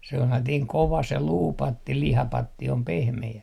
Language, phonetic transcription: Finnish, 'sellatiiŋ "kova se "luupatti 'lihapatti om "pehme₍ä .
- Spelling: sellainen kova se luupatti lihapatti on pehmeä

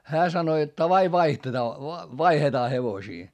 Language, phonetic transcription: Finnish, hää sano jot » ta"vai vaihtetaa , vaihetaa hevosii » .
- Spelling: hän sanoi jotta tavai vaihdetaan vaihdetaan hevosia

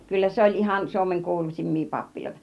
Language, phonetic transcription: Finnish, 'kyllä se "oĺ 'ihan Suomeŋ "kuulusimmii 'pappiloita .
- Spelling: kyllä se oli ihan Suomen kuuluisimpia pappiloita

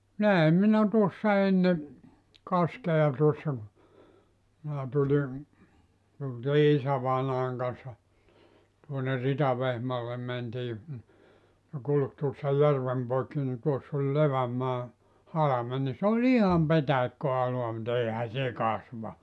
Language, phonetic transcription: Finnish, 'näem minä 'tuossa 'enne , 'kaskea tuossa ku , minä tuĺi , tultii 'isävainaaŋ kanssa , tuoner 'Ritavehmaallem mentii , ne 'kulk tuossa 'järvem poikki ni 'tuoss ‿oĺ "Levämmaa , 'halamen ni sᵉ ‿oĺ "iham 'petäikkö₍aloa mu't ‿eⁱhä se 'kasva .
- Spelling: näin minä tuossa ennen kaskea tuossa kun minä tulin tultiin isävainajan kanssa tuonne Ritavehmaalle mentiin ne kulki tuossa järven poikki niin tuossa oli Levänmaan halme niin se oli ihan petäikköalaa mutta eihän se kasva

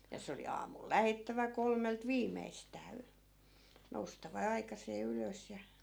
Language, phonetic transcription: Finnish, ja 'se oli 'aamul "lähettävä 'kolmelt 'viimeistää y- , 'noustava "aikasee 'ylös ja .
- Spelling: ja se oli aamulla lähdettävä kolmelta viimeistään - noustava aikaiseen ylös ja

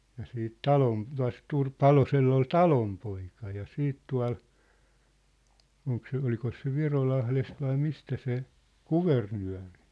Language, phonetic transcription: Finnish, ja siit "Talom- , tua̭s'Tur- , "Palosell ‿ol "Talompoika ja 'siit tua̭l , 'oŋk se , 'olikos se "Virolahlest vai 'mistä se , "Kuvernyä̭rɪ .
- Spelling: ja sitten - tuossa Palosella oli Talonpoika ja sitten tuolla onko se olikos se Virolahdesta vai mistä se Kuvernööri

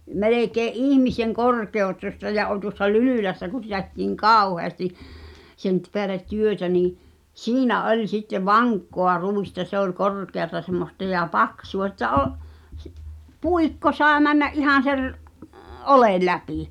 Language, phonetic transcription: Finnish, 'melèkee’ "’ihmiseŋ 'korkeotosta ja ol tuŏssa "Lylỳlässä ku (sitä ‿ttiiŋ) "kàuʰeasti , sen t- peälet̆ 'työtä nii , "siinä 'oĺ sitte "vaŋkkoa 'rùista se ‿ol "korkeata semmosta ja "paksu₍a ᵉttä 'o’- , ˢⁱˉ , "puikko sàe männä’ '’ihàn̬ ser- , "’olèˡ 'läpì .
- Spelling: melkein ihmisen korkuista ja oli tuossa Lylylässä kun sitä tehtiin kauheasti sen - päälle työtä niin siinä oli sitten vankkaa ruista se oli korkeaa semmoista ja paksua että - - puikko sai mennä ihan - oljen läpi

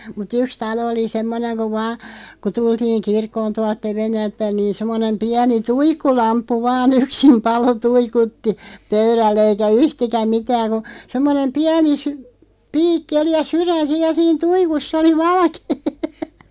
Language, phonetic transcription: Finnish, mut "yks 'talo oli 'semmoneŋ ku vaa , ku 'tultiiŋ "kirkkoon 'tualt "Tevennält 'päⁱn nii 'semmonem 'piäni "tuikkulamppu vaan ‿yksim 'palo 'tuikutti , 'pöyräll ‿eikä "yhtikäm mitääŋ ku , 'semmonem "piäni sy- , 'piikki oli ja "syrän̬ 'siiʲ ja 'siin "tuikus's ‿oli 'valᵃkee .
- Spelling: mutta yksi talo oli semmoinen kun vain kun tultiin kirkkoon tuolta Tevennältä päin niin semmoinen pieni tuikkulamppu vain yksin paloi tuikutti pöydällä eikä yhtikäs mitään kun semmoinen pieni - piikki oli ja sydän siinä ja siinä tuikussa oli valkea

